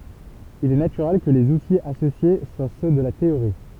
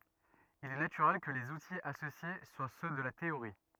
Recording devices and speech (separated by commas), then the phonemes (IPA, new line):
temple vibration pickup, rigid in-ear microphone, read sentence
il ɛ natyʁɛl kə lez utiz asosje swa sø də la teoʁi